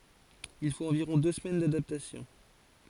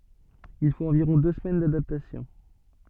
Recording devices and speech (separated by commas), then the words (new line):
forehead accelerometer, soft in-ear microphone, read sentence
Il faut environ deux semaines d'adaptation.